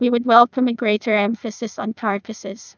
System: TTS, neural waveform model